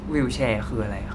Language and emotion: Thai, neutral